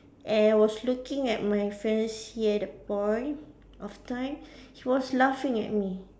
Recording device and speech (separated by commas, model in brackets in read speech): standing microphone, conversation in separate rooms